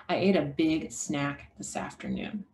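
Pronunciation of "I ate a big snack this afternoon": The vowel in 'big' is stretched out a little longer, just before the stressed syllable 'snack'.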